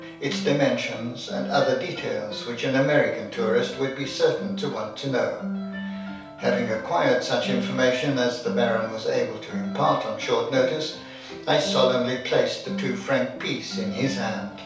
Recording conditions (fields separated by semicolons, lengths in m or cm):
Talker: one person; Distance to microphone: 3.0 m; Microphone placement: far; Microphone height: 1.8 m; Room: small (3.7 m by 2.7 m); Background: music